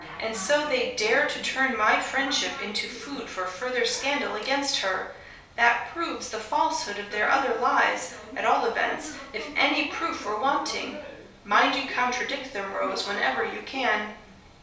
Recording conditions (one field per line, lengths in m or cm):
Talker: one person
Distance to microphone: 3.0 m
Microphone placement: far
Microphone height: 1.8 m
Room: small (3.7 m by 2.7 m)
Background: television